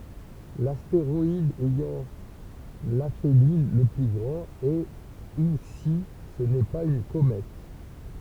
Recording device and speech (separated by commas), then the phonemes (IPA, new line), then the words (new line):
temple vibration pickup, read sentence
lasteʁɔid ɛjɑ̃ lafeli lə ply ɡʁɑ̃t ɛ u si sə nɛ paz yn komɛt
L’astéroïde ayant l’aphélie le plus grand, est ou si ce n'est pas une comète.